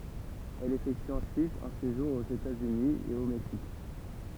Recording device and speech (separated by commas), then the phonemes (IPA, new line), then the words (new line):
temple vibration pickup, read sentence
ɛl efɛkty ɑ̃syit œ̃ seʒuʁ oz etatsyni e o mɛksik
Elle effectue ensuite un séjour aux États-Unis et au Mexique.